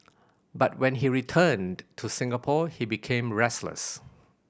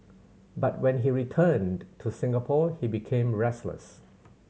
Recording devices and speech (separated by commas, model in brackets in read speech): boundary microphone (BM630), mobile phone (Samsung C7100), read sentence